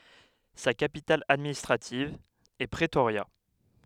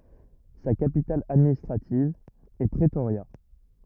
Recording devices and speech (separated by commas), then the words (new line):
headset microphone, rigid in-ear microphone, read sentence
Sa capitale administrative est Pretoria.